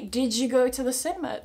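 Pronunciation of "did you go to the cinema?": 'Did you go to the cinema?' is said with weak forms, connected speech and assimilation, not with all strong forms.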